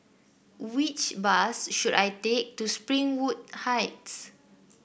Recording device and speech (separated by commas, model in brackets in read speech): boundary microphone (BM630), read sentence